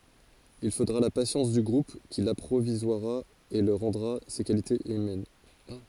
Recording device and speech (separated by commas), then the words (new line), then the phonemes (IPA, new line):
forehead accelerometer, read sentence
Il faudra la patience du groupe qui l'apprivoisera et lui rendra ses qualités humaines.
il fodʁa la pasjɑ̃s dy ɡʁup ki lapʁivwazʁa e lyi ʁɑ̃dʁa se kalitez ymɛn